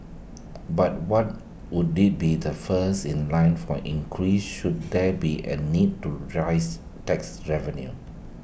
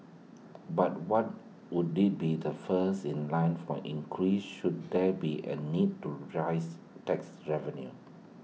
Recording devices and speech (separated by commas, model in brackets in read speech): boundary microphone (BM630), mobile phone (iPhone 6), read sentence